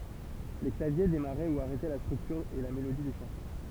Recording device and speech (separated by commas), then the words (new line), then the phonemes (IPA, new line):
temple vibration pickup, read sentence
Les claviers démarraient ou arrêtaient la structure et la mélodie des chansons.
le klavje demaʁɛ u aʁɛtɛ la stʁyktyʁ e la melodi de ʃɑ̃sɔ̃